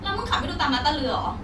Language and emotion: Thai, angry